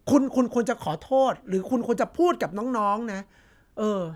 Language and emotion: Thai, frustrated